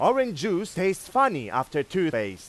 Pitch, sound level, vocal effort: 185 Hz, 99 dB SPL, very loud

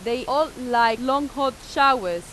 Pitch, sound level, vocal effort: 255 Hz, 95 dB SPL, loud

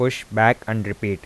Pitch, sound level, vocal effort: 110 Hz, 85 dB SPL, normal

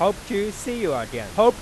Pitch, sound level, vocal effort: 210 Hz, 98 dB SPL, loud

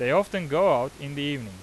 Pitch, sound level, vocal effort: 145 Hz, 94 dB SPL, loud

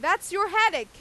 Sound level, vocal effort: 101 dB SPL, very loud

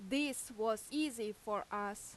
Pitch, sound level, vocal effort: 220 Hz, 87 dB SPL, very loud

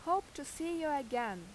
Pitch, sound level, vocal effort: 290 Hz, 88 dB SPL, loud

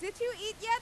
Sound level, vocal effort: 102 dB SPL, very loud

